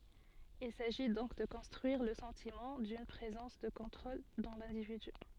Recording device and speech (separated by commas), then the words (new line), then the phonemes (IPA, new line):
soft in-ear microphone, read sentence
Il s'agit donc de construire le sentiment d'une présence de contrôle dans l’individu.
il saʒi dɔ̃k də kɔ̃stʁyiʁ lə sɑ̃timɑ̃ dyn pʁezɑ̃s də kɔ̃tʁol dɑ̃ lɛ̃dividy